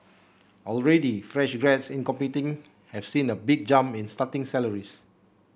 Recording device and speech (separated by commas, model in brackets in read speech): boundary microphone (BM630), read sentence